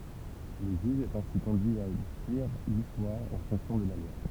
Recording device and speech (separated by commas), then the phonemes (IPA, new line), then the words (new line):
temple vibration pickup, read sentence
lə ʒyʒ ɛt ɛ̃si kɔ̃dyi a diʁ listwaʁ ɑ̃ fɔ̃ksjɔ̃ də la lwa
Le juge est ainsi conduit à dire l'histoire en fonction de la loi.